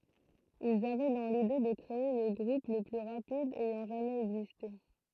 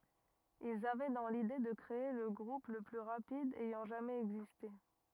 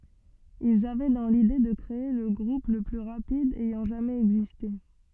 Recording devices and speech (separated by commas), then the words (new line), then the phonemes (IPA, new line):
throat microphone, rigid in-ear microphone, soft in-ear microphone, read sentence
Ils avaient dans l'idée de créer le groupe le plus rapide ayant jamais existé.
ilz avɛ dɑ̃ lide də kʁee lə ɡʁup lə ply ʁapid ɛjɑ̃ ʒamɛz ɛɡziste